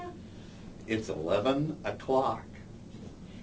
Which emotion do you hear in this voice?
disgusted